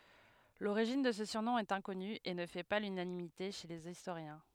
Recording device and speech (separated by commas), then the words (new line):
headset microphone, read sentence
L'origine de ce surnom est inconnue et ne fait pas l'unanimité chez les historiens.